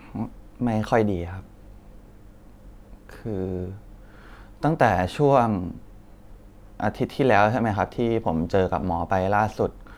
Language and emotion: Thai, sad